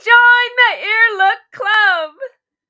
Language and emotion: English, happy